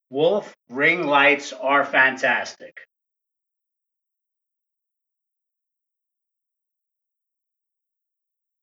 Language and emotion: English, disgusted